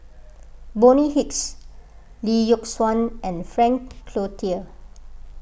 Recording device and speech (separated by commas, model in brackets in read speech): boundary microphone (BM630), read sentence